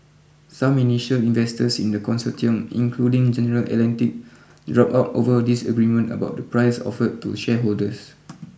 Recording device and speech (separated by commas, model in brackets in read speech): boundary microphone (BM630), read sentence